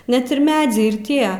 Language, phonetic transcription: Lithuanian, net ir ˈmedziai ir ˈtie

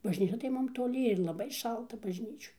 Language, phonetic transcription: Lithuanian, bažˈnyčia tai ˈmum toˈli ir laˈbai ˈšalta bažˈnyčioj

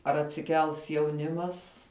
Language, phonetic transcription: Lithuanian, ar atsiˈkels jauˈnimas

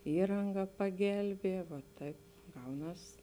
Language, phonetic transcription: Lithuanian, ˈįranga paˈgelbie vo ˈtaip ˈgauˌnas

